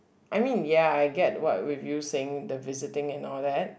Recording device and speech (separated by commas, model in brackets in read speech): boundary microphone, conversation in the same room